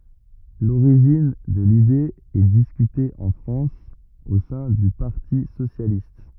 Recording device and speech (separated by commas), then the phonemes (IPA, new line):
rigid in-ear microphone, read sentence
loʁiʒin də lide ɛ diskyte ɑ̃ fʁɑ̃s o sɛ̃ dy paʁti sosjalist